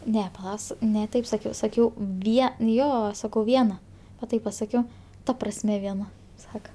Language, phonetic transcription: Lithuanian, ˈne paˈla s ne ˈtaip saˈkiau saˈkiau ˈvie n ˈjo ˈsakau ˈviena va ˈtaip paˈsakiau ˈta prasˈme vieˈna ˈsaka

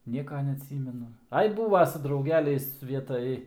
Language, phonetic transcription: Lithuanian, ˈnieka neaˈtsymenu ˈai ˈbūva su drauˈgeliais ˈvietaj

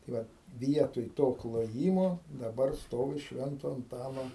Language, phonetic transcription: Lithuanian, tai ˈvat ˈvietoj ˈto kloˈjymo daˈbar ˈstovi ˈšvento anˈtano

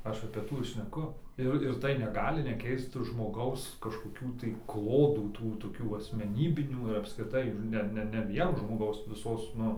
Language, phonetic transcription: Lithuanian, ˈaš apė ˈtų ir šneˈku ˈir ir tai neˈgali neˈkeist žmoˈgaus kažkoˈkių tai ˈklodų ˈtų toˈkių asmeˈnybinių ir apskriˈtai ˈne ˈne ne ˈvien žmoˈgaus viˈsos ˈnu

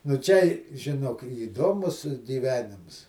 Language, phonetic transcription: Lithuanian, nu ˈčia i žiˈnok įˈdomus gyˈvenims

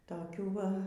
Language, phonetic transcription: Lithuanian, toˈkių ˈva

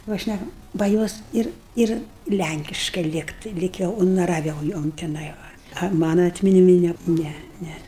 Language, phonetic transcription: Lithuanian, ˈva ˈšnækam ba ˈjos ˈir ˈir ˈlænkiškai ˈlygtai ˈlyg jau unaraˈviau ˈjom tiˈnai va a ˈmana atminiˈmi ˈne ˈne ˈne

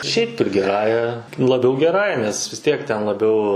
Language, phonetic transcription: Lithuanian, šiaip ˈtu giˈrąja laˈbiau geˈrąja nes vis ˈtiek ten laˈbiau

